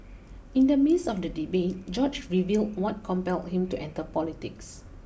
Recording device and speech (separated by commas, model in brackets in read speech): boundary microphone (BM630), read sentence